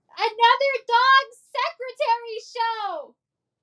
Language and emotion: English, fearful